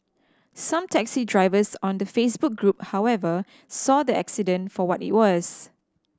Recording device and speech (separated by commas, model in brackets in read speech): standing microphone (AKG C214), read sentence